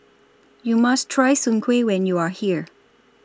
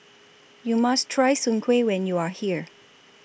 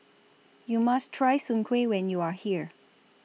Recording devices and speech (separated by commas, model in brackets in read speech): standing microphone (AKG C214), boundary microphone (BM630), mobile phone (iPhone 6), read sentence